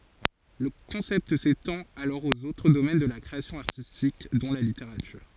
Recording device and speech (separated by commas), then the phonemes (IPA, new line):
forehead accelerometer, read sentence
lə kɔ̃sɛpt setɑ̃t alɔʁ oz otʁ domɛn də la kʁeasjɔ̃ aʁtistik dɔ̃ la liteʁatyʁ